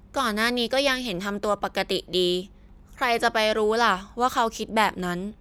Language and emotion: Thai, neutral